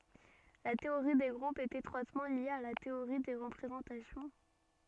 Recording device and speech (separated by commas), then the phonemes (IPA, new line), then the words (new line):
soft in-ear microphone, read sentence
la teoʁi de ɡʁupz ɛt etʁwatmɑ̃ lje a la teoʁi de ʁəpʁezɑ̃tasjɔ̃
La théorie des groupes est étroitement liée à la théorie des représentations.